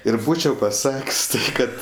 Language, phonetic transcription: Lithuanian, ir ˈbūčiau paˈsak's' ˈkad

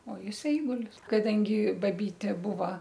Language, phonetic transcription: Lithuanian, o ˈjis ˈeigulis kaˈdangi ˈbaˈbytė ˈbuva

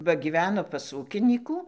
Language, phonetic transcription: Lithuanian, ˈva gyˈveno pas ˈūkinykų

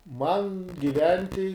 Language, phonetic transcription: Lithuanian, man giˈventi

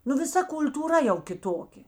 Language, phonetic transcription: Lithuanian, nu viˈsa kul'tūˈra jau kiˈtokė

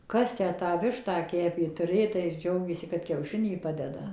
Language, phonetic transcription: Lithuanian, ˈkas ˈtę tą ˈvištą ˈkepė tuˈrė tai ir ˈdžiaugėsi kad kiauˈšinį ˈpadeda

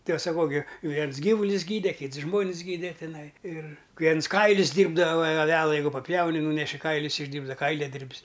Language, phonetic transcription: Lithuanian, ti aš saˈkau gi ˈviens ˈgyvulius ˈgyde ˈkyts ˈžmonis ˈgyde tiˈnai ir ˈviens ˈkailius ˈdyrbdava aˈvela ˈjeigu paˈpjauni ˈnūneši ˈkailius išˈdyrbda ˈkailiadirb's

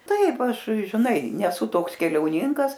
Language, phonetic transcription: Lithuanian, ˈtaip ˈaš žiˈnai neˈsu ˈtoks keliauˈninkas

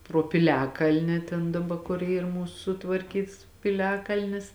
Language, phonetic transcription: Lithuanian, pro piˈliakalni ten daˈba kur ˈyr ˈmūsu sutvarˈkyts piˈliakalnis

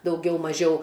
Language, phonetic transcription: Lithuanian, dauˈgiau maˈžiau

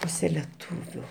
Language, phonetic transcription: Lithuanian, ˈpūse leˈtūviu

